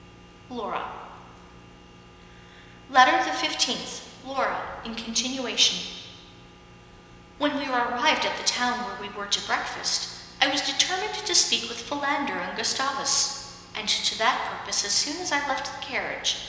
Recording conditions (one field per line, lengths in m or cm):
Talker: one person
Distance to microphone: 1.7 m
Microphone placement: close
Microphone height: 1.0 m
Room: very reverberant, large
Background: none